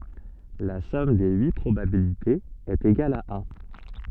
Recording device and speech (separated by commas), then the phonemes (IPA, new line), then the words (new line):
soft in-ear microphone, read sentence
la sɔm de yi pʁobabilitez ɛt eɡal a œ̃
La somme des huit probabilités est égale à un.